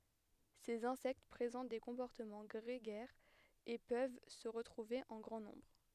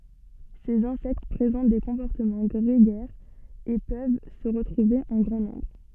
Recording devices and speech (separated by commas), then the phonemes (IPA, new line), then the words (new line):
headset microphone, soft in-ear microphone, read sentence
sez ɛ̃sɛkt pʁezɑ̃t de kɔ̃pɔʁtəmɑ̃ ɡʁeɡɛʁz e pøv sə ʁətʁuve ɑ̃ ɡʁɑ̃ nɔ̃bʁ
Ces insectes présentent des comportements grégaires et peuvent se retrouver en grand nombre.